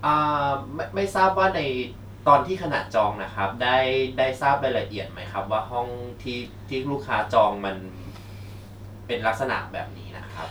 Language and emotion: Thai, neutral